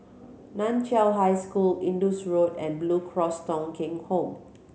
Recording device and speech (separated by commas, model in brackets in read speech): mobile phone (Samsung C7100), read sentence